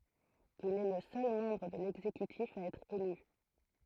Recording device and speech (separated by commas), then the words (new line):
throat microphone, read sentence
Il est le seul membre de l'exécutif à être élu.